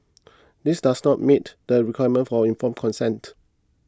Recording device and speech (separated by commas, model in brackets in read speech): close-talking microphone (WH20), read sentence